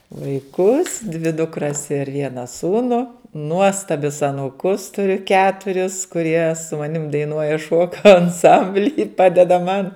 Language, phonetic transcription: Lithuanian, vaiˈkus dvi dukˈras ir ˈviena ˈsūnu ˈnuostabius anūˈkus tuˈriu ˈketuris kuˈrie su maˈnim daiˈnuoja ˈšuoka anˈsambly ˈpadeda ˈman

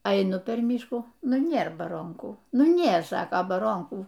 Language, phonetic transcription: Lithuanian, aiˈnu per ˈmyškų ˈnu ˈnėr baˈronkų ˈnu ˈnėr ˈsaka baˈronkų

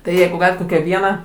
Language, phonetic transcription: Lithuanian, tai ˈjeigu ˈgalit ˈkokią ˈvieną

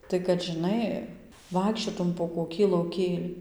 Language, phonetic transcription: Lithuanian, tai kad žiˈnai ˈvaikščiotum po koˈkį lauˈkėlį

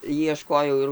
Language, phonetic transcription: Lithuanian, jieˈškojau ir

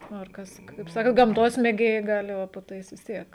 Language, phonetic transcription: Lithuanian, ˈnu ir ˈkas kaip ˈsaka gamˈtos mėˈgėjai ˈgali ˈva po ˈtais vis ˈtiek

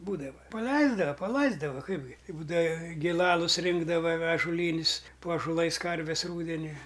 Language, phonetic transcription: Lithuanian, ˈbūdava ˈpaleisdava paˈlaisdava ˈkaipgi i ˈbūdava giˈlalus ˈrinkdava ažoˈlynis po ažoˈlais ˈkarves ˈrūdeniui

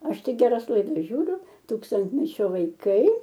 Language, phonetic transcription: Lithuanian, ˈaš ˈtik geˈras laiˈdas ˈžiūriu ˈtūkstantmečio vaiˈkai

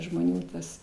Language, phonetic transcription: Lithuanian, žmoˈnių tas

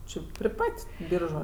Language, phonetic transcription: Lithuanian, ˈči pri ˈpat' ˈbyržu

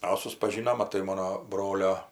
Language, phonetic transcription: Lithuanian, a suspaˈžynom maˈtai ˈmono ˈbrolio

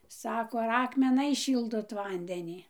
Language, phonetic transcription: Lithuanian, ˈsako ar ˌakmeˈnais ˈšyldot ˈvandenį

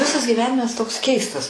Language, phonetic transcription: Lithuanian, ˈvisas gyˈvenimas toks ˈkeistas

